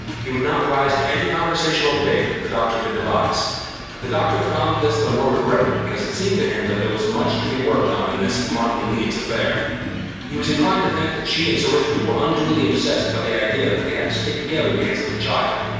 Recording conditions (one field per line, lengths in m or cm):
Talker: one person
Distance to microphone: 7.1 m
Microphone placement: far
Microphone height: 1.7 m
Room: very reverberant, large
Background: music